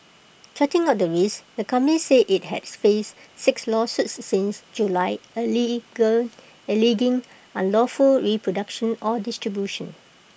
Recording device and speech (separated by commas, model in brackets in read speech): boundary microphone (BM630), read sentence